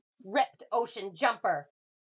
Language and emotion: English, angry